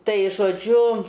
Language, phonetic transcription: Lithuanian, ˈtai žoˈdžiu

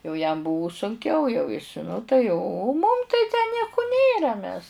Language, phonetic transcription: Lithuanian, jau jam ˈbuvu sunˈkiau jau is ˈnu tai o o mum tai tę ˈnieku ˈnėra mes

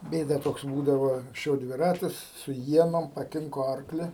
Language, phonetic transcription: Lithuanian, ˈbėda ˈtoks ˈbūdavo anksˈčiau dviˈratis su ˈienom paˈkinko ˈarkli

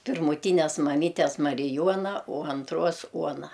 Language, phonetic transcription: Lithuanian, pirmuˈtynes maˈmytes mariˈjuona o anˈtruos ˈuona

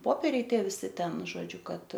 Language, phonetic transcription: Lithuanian, ˈpopėriai ˈtie viˈsi ˈten žoˈdžiu ˈkad

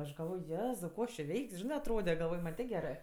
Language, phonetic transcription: Lithuanian, aš galˈvoj ˈjezau ˈko aš či ˈveik's' ˈžinɜ atˈrode galˈvoj man' ˈtė ˈgerɜ

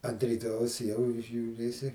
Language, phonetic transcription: Lithuanian, ant ryˈtojaus jau žiūˈrėsi

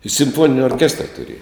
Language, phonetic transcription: Lithuanian, i simˈfonini orˈkestra tuˈrėja

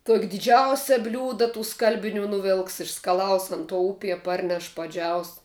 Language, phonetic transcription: Lithuanian, tuok' diˈdžiausia ˈbliūda tų ˈskalbiˌnių nuˈvilks išskaˈlaus ˈan tuo ˈupie ˈparneš paˈdžiaus

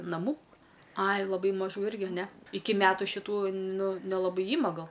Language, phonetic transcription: Lithuanian, naˈmų ˈai laˈbai maˈžų ˈirgi ne ˈiki ˈmetu šiˈtų ˈnu nelaˈbai ˈyma ˈgal

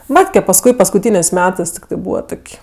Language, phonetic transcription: Lithuanian, ˈmatke pasˈkui paskuˈtynės' ˈmetɜs tikˈtɜ ˈbūva ˈtok'

